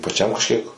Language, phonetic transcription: Lithuanian, paˈčiam kažˈkiek

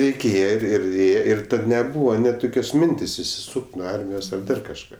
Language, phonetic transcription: Lithuanian, reiˈkėje ˈir ir ˈėje ir ˈtad neˈbūva net ˈtokios ˈmintės' išsiˈsūk't' nuo ˈarmijos ar ˈdar kažˈką

